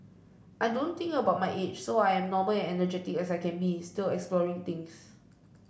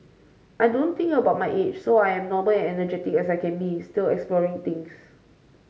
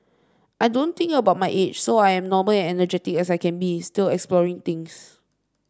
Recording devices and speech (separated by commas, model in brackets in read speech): boundary microphone (BM630), mobile phone (Samsung C5), standing microphone (AKG C214), read sentence